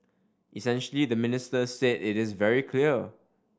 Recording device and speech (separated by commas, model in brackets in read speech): standing microphone (AKG C214), read sentence